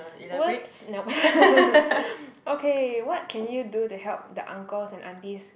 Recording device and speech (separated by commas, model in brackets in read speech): boundary microphone, conversation in the same room